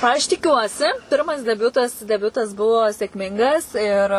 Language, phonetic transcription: Lithuanian, aš tiˈkiuosi ˈpirmas deˈbiutas deˈbiutas ˈbuvo sėkˈmingas ir

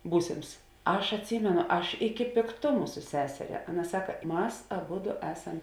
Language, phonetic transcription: Lithuanian, ˈbūsėms ˈaš atˈsymenu ˈaš iki pėkˈtumu su ˈseseria ˈaˌna ˈsaka ˈmas aˈbudu ˈesam

